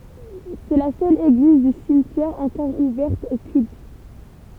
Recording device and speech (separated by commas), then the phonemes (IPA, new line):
temple vibration pickup, read sentence
sɛ la sœl eɡliz dy simtjɛʁ ɑ̃kɔʁ uvɛʁt o kylt